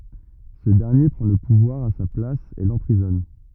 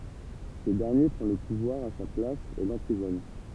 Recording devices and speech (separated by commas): rigid in-ear microphone, temple vibration pickup, read sentence